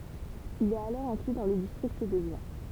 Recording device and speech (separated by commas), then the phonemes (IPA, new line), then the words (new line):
temple vibration pickup, read sentence
il ɛt alɔʁ ɛ̃kly dɑ̃ lə distʁikt də ʒjɛ̃
Il est alors inclus dans le district de Gien.